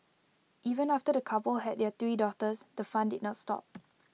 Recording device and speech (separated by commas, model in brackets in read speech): mobile phone (iPhone 6), read sentence